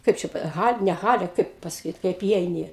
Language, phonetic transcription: Lithuanian, ˈkaip čia ˈhal' ne ˈhale ˈkaip pasaˈkyt kaip įˈeini

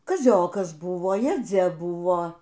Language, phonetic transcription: Lithuanian, kaˈziokas ˈbuvo jaˈdzia ˈbuvo

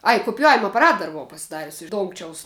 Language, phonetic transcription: Lithuanian, ˈaj kupiˈjavima apaˈrat ˈdar buˈvau pasiˈdarius iš ˈdongčiaus

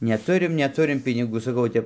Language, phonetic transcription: Lithuanian, neˈturim neˈturim piniˈgų saˈkau o ˈtep

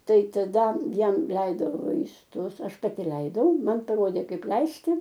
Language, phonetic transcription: Lithuanian, ˈtai taˈda ˈjam ˈleido vaisˈtus ˈaš paˈti ˈleidau ˈman paˈrodė ˈkaip ˈleisti

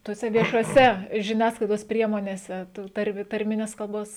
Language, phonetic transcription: Lithuanian, tuoˈse viešuoˈse žiˈniasklaidos ˈpriemonėse ˈtų ˈtarmi tarˈmines kalˈbos

